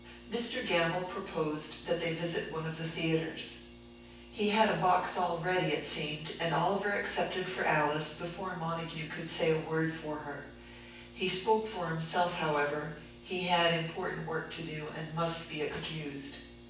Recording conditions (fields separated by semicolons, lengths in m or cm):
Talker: one person; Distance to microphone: 9.8 m; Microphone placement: far; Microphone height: 1.8 m; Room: large; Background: none